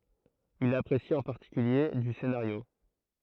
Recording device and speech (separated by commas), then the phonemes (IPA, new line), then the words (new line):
throat microphone, read sentence
il apʁesi ɑ̃ paʁtikylje dy senaʁjo
Il apprécie en particulier du scénario.